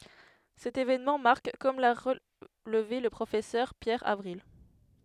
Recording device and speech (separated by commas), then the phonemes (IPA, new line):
headset microphone, read sentence
sɛt evenmɑ̃ maʁk kɔm la ʁəlve lə pʁofɛsœʁ pjɛʁ avʁil